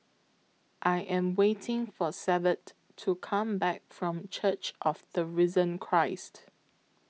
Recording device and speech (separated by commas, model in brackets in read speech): mobile phone (iPhone 6), read sentence